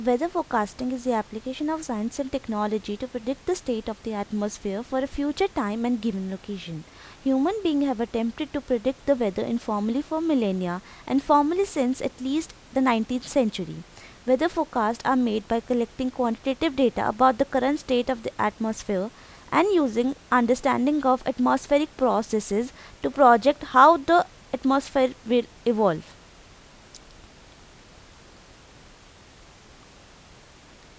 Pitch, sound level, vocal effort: 255 Hz, 85 dB SPL, normal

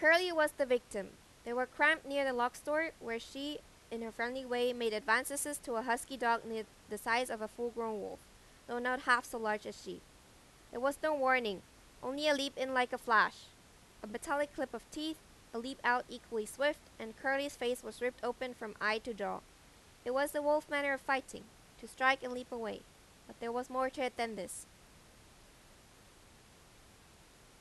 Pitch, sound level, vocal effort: 245 Hz, 91 dB SPL, very loud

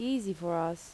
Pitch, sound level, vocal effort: 175 Hz, 81 dB SPL, normal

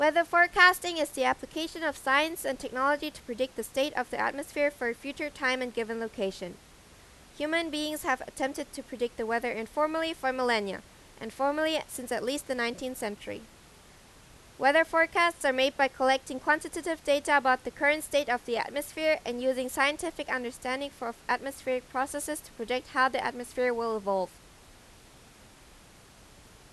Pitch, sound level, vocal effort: 265 Hz, 91 dB SPL, very loud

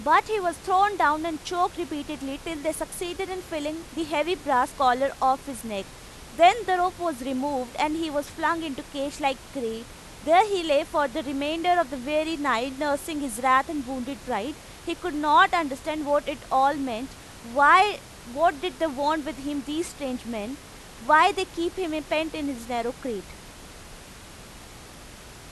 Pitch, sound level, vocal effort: 295 Hz, 95 dB SPL, very loud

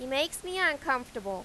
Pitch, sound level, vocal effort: 270 Hz, 94 dB SPL, very loud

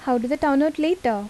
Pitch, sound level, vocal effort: 290 Hz, 81 dB SPL, normal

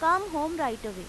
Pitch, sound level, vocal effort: 300 Hz, 94 dB SPL, very loud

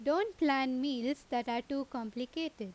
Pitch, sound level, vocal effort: 265 Hz, 87 dB SPL, loud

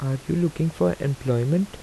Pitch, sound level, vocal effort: 140 Hz, 80 dB SPL, soft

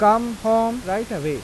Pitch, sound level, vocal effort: 220 Hz, 92 dB SPL, normal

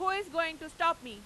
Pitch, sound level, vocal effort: 335 Hz, 102 dB SPL, very loud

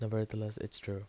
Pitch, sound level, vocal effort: 110 Hz, 77 dB SPL, soft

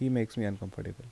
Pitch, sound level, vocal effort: 110 Hz, 77 dB SPL, soft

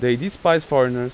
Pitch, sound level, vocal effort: 130 Hz, 92 dB SPL, loud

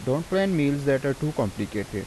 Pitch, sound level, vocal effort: 140 Hz, 85 dB SPL, normal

